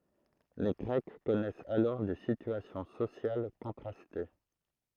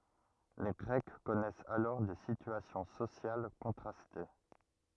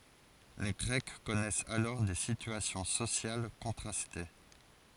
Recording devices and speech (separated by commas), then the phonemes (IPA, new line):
throat microphone, rigid in-ear microphone, forehead accelerometer, read sentence
le ɡʁɛk kɔnɛsɛt alɔʁ de sityasjɔ̃ sosjal kɔ̃tʁaste